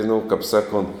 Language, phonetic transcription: Lithuanian, nu kap ˈsaˌkont

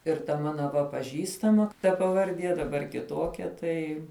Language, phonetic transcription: Lithuanian, ir ta ˈmana va paˈžįstama ta pavarˈdie daˈbar kiˈtokia ˈtai

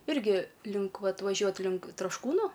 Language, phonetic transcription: Lithuanian, ˈirgi link ˈvat vaˈžiuot link trašˈkūnu

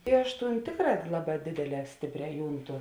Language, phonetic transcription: Lithuanian, i ˈaš ˈtūnˈtėkˌrā ˈlaˌbā ˈdėdėˌlē ˈstėpˌrē ˈjūnˌtu

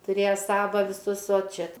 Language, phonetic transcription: Lithuanian, tuˈrėja ˈsava viˈsus o ˈčia

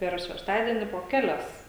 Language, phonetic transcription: Lithuanian, ˈper šešˈtadieni po ˈkelias

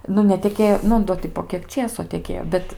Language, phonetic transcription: Lithuanian, ˈnu neteˈkėjo ˈnu ˈdo ti po ˈkiek ˈčėso teˈkėjo ˈbet

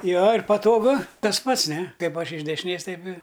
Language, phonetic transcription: Lithuanian, ˈjo ir patoˈgu ˈtas ˈpats ˈne ˈkaip ˈaš iš dešiˈnės ˈtaip i

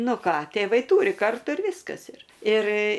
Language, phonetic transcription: Lithuanian, ˈnu ˈką tėˈvai ˈtūri ˈkartu ir ˈviskas ir ir

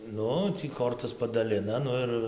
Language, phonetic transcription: Lithuanian, ˈnu ˈtį ˈkortas padaˈlina ˈnu ir ˈir

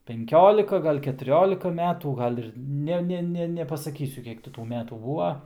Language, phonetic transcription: Lithuanian, penˈkiolika gal' ketuˈriolika ˈmetų ˈgal' ir ˈne ˈne nepasaˈkysiu ˈkiek ti tų ˈmetų ˈbūva

